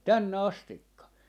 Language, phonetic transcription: Finnish, "tänne 'astikka .
- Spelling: tänne asti

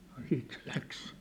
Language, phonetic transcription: Finnish, Nᴏ 'siit se 'läks .
- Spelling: no sitten se lähti

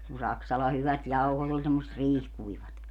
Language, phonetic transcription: Finnish, kun 'Saksala 'hyvät 'jauhot ‿ol semmosᵉt "riihkuivat .
- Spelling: kun Saksalan hyvät jauhot oli semmoiset riihikuivat

